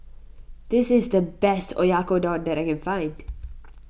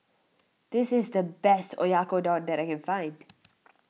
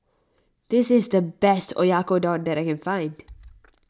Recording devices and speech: boundary microphone (BM630), mobile phone (iPhone 6), standing microphone (AKG C214), read sentence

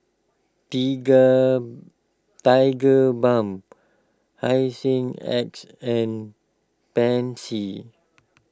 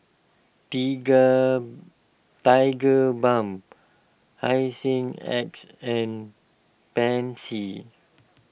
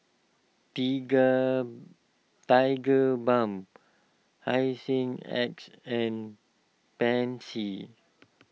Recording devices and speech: close-talking microphone (WH20), boundary microphone (BM630), mobile phone (iPhone 6), read sentence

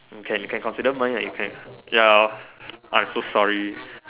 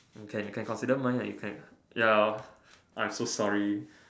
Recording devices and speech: telephone, standing microphone, conversation in separate rooms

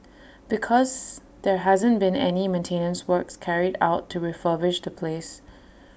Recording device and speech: boundary microphone (BM630), read sentence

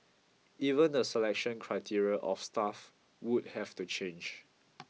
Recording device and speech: mobile phone (iPhone 6), read sentence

